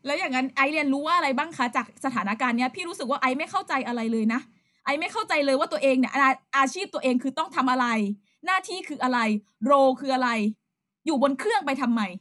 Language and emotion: Thai, frustrated